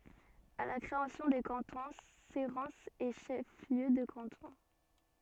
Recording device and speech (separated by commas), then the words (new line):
soft in-ear microphone, read sentence
À la création des cantons, Cérences est chef-lieu de canton.